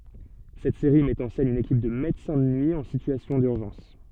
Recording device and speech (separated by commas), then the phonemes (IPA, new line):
soft in-ear microphone, read sentence
sɛt seʁi mɛt ɑ̃ sɛn yn ekip də medəsɛ̃ də nyi ɑ̃ sityasjɔ̃ dyʁʒɑ̃s